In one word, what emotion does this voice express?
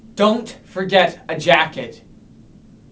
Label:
angry